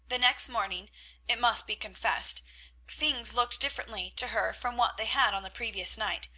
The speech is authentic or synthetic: authentic